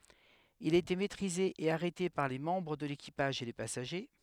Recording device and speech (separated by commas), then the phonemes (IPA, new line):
headset microphone, read sentence
il a ete mɛtʁize e aʁɛte paʁ le mɑ̃bʁ də lekipaʒ e le pasaʒe